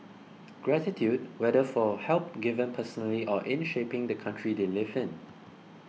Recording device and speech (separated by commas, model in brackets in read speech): mobile phone (iPhone 6), read sentence